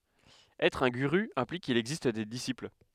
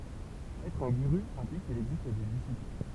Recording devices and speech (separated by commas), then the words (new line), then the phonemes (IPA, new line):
headset microphone, temple vibration pickup, read sentence
Être un guru implique qu'il existe des disciples.
ɛtʁ œ̃ ɡyʁy ɛ̃plik kil ɛɡzist de disipl